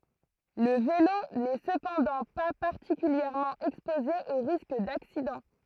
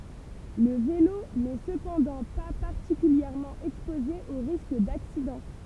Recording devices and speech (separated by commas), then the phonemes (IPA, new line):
throat microphone, temple vibration pickup, read sentence
lə velo nɛ səpɑ̃dɑ̃ pa paʁtikyljɛʁmɑ̃ ɛkspoze o ʁisk daksidɑ̃